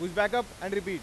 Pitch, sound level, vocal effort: 195 Hz, 101 dB SPL, very loud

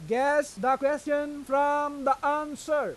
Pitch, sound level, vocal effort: 285 Hz, 98 dB SPL, very loud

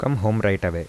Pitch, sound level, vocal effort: 105 Hz, 82 dB SPL, soft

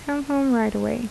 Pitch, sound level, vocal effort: 270 Hz, 76 dB SPL, soft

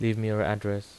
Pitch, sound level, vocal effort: 105 Hz, 82 dB SPL, normal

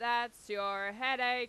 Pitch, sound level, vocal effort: 240 Hz, 99 dB SPL, loud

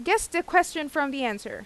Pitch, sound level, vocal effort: 315 Hz, 90 dB SPL, loud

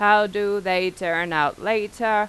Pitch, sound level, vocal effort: 205 Hz, 93 dB SPL, loud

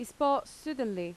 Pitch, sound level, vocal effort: 250 Hz, 87 dB SPL, loud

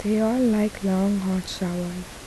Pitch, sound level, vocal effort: 195 Hz, 73 dB SPL, soft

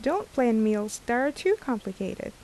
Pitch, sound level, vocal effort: 235 Hz, 80 dB SPL, normal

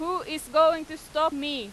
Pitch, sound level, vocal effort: 315 Hz, 98 dB SPL, very loud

